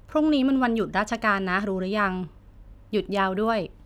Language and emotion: Thai, neutral